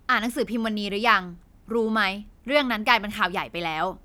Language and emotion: Thai, frustrated